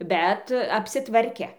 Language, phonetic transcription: Lithuanian, bet apsiˈtvarke

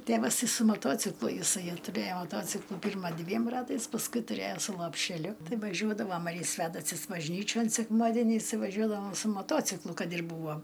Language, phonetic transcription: Lithuanian, ˈtėvas ˈtai su maˈtociklu jiˈsai tuˈrėjo maˈtociklu ˈpirma ˈdviem ˈratais pasˈkui tuˈrėjo su lopšeˈliu ˈtai vaˈžiuodavom ar i ˈsvedasus bažˈnyčion sekˈmadeniais ˈtai vaˈžiuodavom su moˈtociklu ˈkad ir ˈbūvo

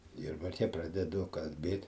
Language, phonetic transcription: Lithuanian, ˈjurbarke ˈpradedu kalˈbėt

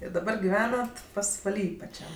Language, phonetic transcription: Lithuanian, i daˈbar giˈvenat pasvaˈly paˈčiam

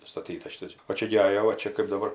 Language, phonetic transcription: Lithuanian, ˈstatytas ˈšitas o ˈčia gi ˈajo va ˈčia kɜp daˈbar

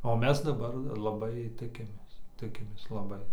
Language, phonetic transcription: Lithuanian, o ˈmes daˈbar laˈbai ˈtikimės ˈtikimės laˈbai

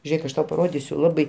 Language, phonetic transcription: Lithuanian, ˈžėk aš ˈtau paˈrodisiu ˈlabai

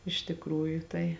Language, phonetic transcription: Lithuanian, iš tikˈrųju ˈtai

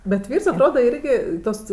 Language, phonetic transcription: Lithuanian, bet ˈvyrs atˈroda ˈirgi ˈtos

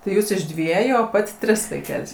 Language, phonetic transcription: Lithuanian, tai ˈjūs iš ˈdvieju o ˈpat' ˈtris vaiˈkel's'

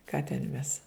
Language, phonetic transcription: Lithuanian, ˈką ten ˈmes

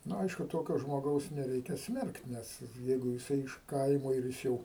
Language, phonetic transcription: Lithuanian, ˈnu ˈaišku ˈtokio žmoˈgaus neˈreikia ˈsmerkt ˈnes ˈjeigu jiˈsai iš ˈkaimo ir ˈjis jau

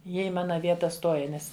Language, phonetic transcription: Lithuanian, ˈjie i ˈmana ˈvieta ˈstoja ˈnes

